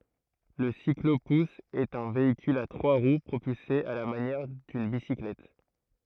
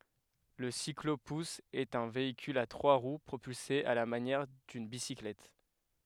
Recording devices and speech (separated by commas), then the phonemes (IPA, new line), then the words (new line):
throat microphone, headset microphone, read sentence
lə siklopus ɛt œ̃ veikyl a tʁwa ʁw pʁopylse a la manjɛʁ dyn bisiklɛt
Le cyclo-pousse est un véhicule à trois roues propulsé à la manière d'une bicyclette.